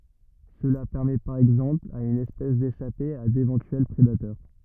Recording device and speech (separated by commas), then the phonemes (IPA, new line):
rigid in-ear microphone, read sentence
səla pɛʁmɛ paʁ ɛɡzɑ̃pl a yn ɛspɛs deʃape a devɑ̃tyɛl pʁedatœʁ